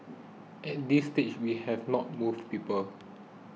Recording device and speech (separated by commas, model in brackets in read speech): mobile phone (iPhone 6), read sentence